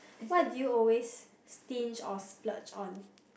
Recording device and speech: boundary microphone, conversation in the same room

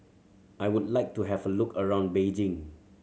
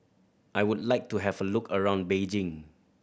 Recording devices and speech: mobile phone (Samsung C7100), boundary microphone (BM630), read sentence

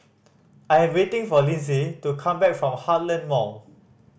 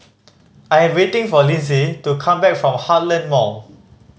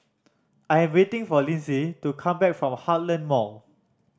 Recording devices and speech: boundary microphone (BM630), mobile phone (Samsung C5010), standing microphone (AKG C214), read sentence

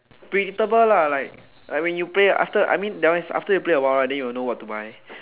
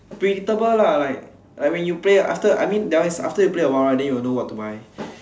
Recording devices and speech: telephone, standing microphone, conversation in separate rooms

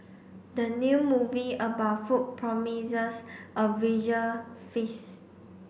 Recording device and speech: boundary microphone (BM630), read sentence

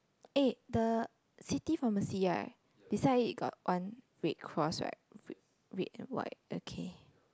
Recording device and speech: close-talking microphone, conversation in the same room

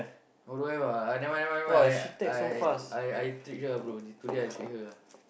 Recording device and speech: boundary microphone, conversation in the same room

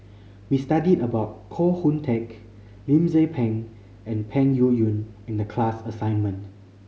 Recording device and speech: mobile phone (Samsung C5010), read sentence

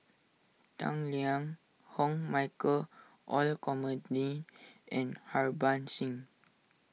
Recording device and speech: mobile phone (iPhone 6), read sentence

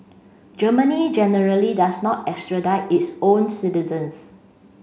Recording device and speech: mobile phone (Samsung C5), read sentence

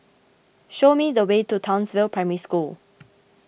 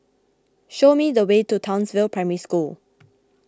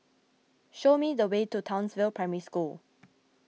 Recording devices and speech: boundary microphone (BM630), close-talking microphone (WH20), mobile phone (iPhone 6), read sentence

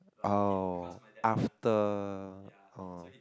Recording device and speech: close-talking microphone, conversation in the same room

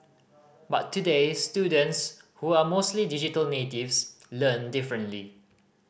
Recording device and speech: boundary microphone (BM630), read sentence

